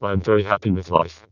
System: VC, vocoder